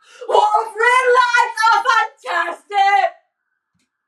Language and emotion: English, sad